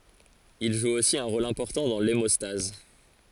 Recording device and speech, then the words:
forehead accelerometer, read sentence
Il joue aussi un rôle important dans l'hémostase.

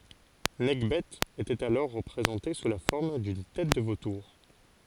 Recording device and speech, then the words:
forehead accelerometer, read sentence
Nekhbet était alors représentée sous la forme d'une tête de vautour.

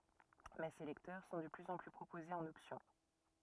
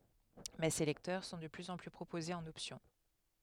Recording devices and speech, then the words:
rigid in-ear microphone, headset microphone, read sentence
Mais ces lecteurs sont de plus en plus proposés en option.

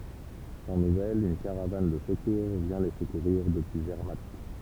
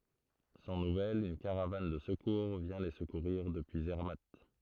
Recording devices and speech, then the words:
temple vibration pickup, throat microphone, read sentence
Sans nouvelles, une caravane de secours vient les secourir depuis Zermatt.

